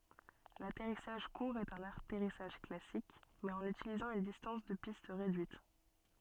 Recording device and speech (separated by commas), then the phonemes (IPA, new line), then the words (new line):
soft in-ear microphone, read sentence
latɛʁisaʒ kuʁ ɛt œ̃n atɛʁisaʒ klasik mɛz ɑ̃n ytilizɑ̃ yn distɑ̃s də pist ʁedyit
L'atterrissage court est un atterrissage classique mais en utilisant une distance de piste réduite.